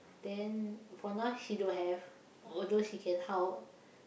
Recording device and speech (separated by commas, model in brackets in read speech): boundary microphone, conversation in the same room